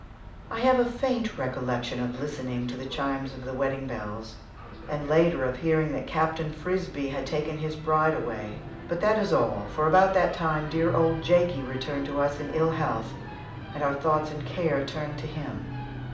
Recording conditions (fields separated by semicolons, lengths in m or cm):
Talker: one person; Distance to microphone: 2.0 m; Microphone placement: close; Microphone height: 99 cm; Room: medium-sized (5.7 m by 4.0 m); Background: television